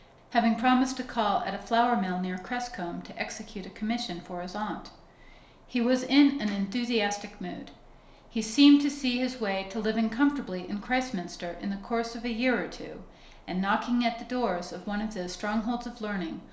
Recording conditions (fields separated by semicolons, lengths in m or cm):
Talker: one person; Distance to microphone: 1.0 m; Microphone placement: close; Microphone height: 1.1 m; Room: small (3.7 m by 2.7 m); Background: none